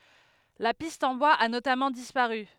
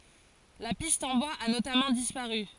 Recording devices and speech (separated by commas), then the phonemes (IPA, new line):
headset microphone, forehead accelerometer, read sentence
la pist ɑ̃ bwaz a notamɑ̃ dispaʁy